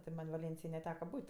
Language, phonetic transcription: Lithuanian, ti ˈman' vaˈlėnsijoj neˈteka ˈbūt'

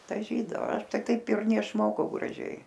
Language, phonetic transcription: Lithuanian, daˈžydao ˈaš ˈtai ˈtaip ir neišˈmokau graˈžiai

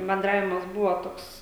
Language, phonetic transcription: Lithuanian, benˈdravimas ˈbuvo ˈtoks

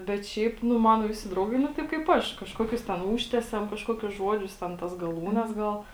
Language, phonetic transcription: Lithuanian, bet ˈšiaip ˈnu ˈmano ˈvisi ˈdraugai nu ˈtaip kaip ˈaš kažˈkokius ten ˈūžtesiam kažˈkokius ˈžuodžius ten ˈtas gaˈlūnes ˈgal

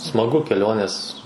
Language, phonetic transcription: Lithuanian, smaˈgu keˈlionės

